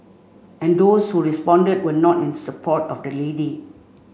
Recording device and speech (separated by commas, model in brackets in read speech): mobile phone (Samsung C5), read sentence